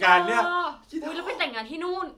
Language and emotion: Thai, happy